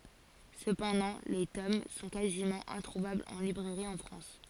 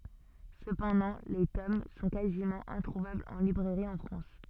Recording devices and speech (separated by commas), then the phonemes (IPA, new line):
forehead accelerometer, soft in-ear microphone, read sentence
səpɑ̃dɑ̃ le tom sɔ̃ kazimɑ̃ ɛ̃tʁuvablz ɑ̃ libʁɛʁi ɑ̃ fʁɑ̃s